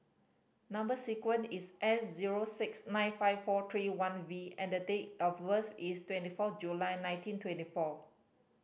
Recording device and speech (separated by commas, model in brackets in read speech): boundary microphone (BM630), read sentence